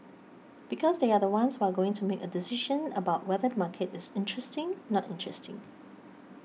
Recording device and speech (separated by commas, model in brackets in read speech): mobile phone (iPhone 6), read sentence